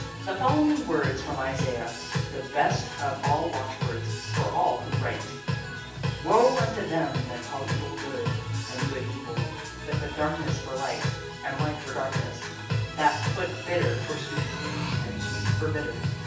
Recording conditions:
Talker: one person; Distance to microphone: 9.8 m; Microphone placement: far; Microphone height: 1.8 m; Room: large; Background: music

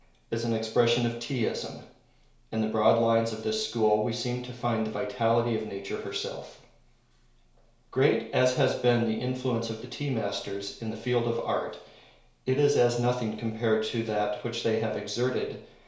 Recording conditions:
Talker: one person; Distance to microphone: 1.0 m; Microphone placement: close; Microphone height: 1.1 m; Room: small (3.7 m by 2.7 m); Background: none

